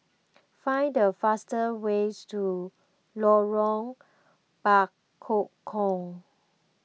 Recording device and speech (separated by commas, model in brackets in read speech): mobile phone (iPhone 6), read sentence